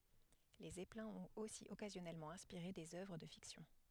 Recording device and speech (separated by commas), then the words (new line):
headset microphone, read sentence
Les zeppelins ont aussi occasionnellement inspiré des œuvres de fiction.